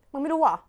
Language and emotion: Thai, frustrated